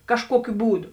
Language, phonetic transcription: Lithuanian, kažˈkuokiu ˈbūˌdu

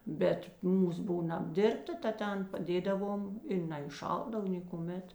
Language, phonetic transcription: Lithuanian, ˈbet ˈmūs ˈbūna apˈdirbta ta ˈten paˈdėdavom i naiˈšaldav ˈnėkuˌmet

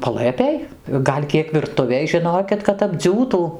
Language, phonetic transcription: Lithuanian, paˈlɘpėj ˈgal' ˈkiek virˈtuvėj žiˈnokit kad apˈdziūtų

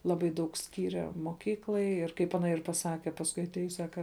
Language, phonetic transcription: Lithuanian, ˈlabai ˈdaug ˈskyre moˈkyklai ir kaip ˈana ir paˈsake pasˈkui atˈėjus ˈsaka

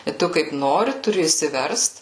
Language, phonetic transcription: Lithuanian, i ˈtu kaip ˈnori tuˈri išsiˈverst

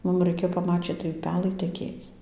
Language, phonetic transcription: Lithuanian, ˈmum raiˈkėjo paˈmačyt tai uˈpelai teˈkėc

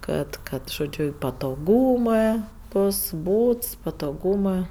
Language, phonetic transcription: Lithuanian, ˈkad ˈkad žoˈdžiu i patoˈgūmɜ ˈbos ˈbūts patoˈgūmɜ

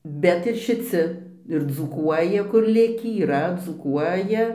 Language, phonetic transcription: Lithuanian, ˈbet ir šiˈci ir dzūˈkuoja kur ˈlikį yˈra dzūˈkuoja

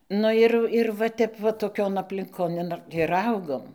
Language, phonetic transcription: Lithuanian, ˈnu ir ir va ˈtep va toˈkion aplinˈkon ir ˈaugom

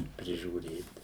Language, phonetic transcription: Lithuanian, prižiūˈrėt

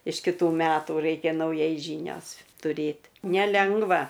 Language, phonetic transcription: Lithuanian, iš kiˈtų ˈmetų ˈraikia nauˈjai ˈžynios tuˈrėt neˈlengva

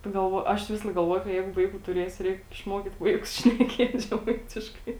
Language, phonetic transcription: Lithuanian, pagalˈvoju ˈaš ˈvisalaik galˈvoju ka ˈjeigu ˈvaikų tuˈrėsiu ˈreik išˈmokyt ˈvaikus šneˈkiet' žeˈmaitiškai

